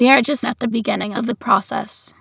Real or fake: fake